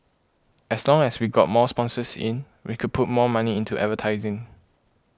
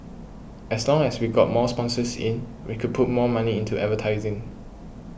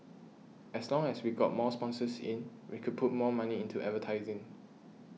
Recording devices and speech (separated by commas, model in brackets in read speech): close-talking microphone (WH20), boundary microphone (BM630), mobile phone (iPhone 6), read sentence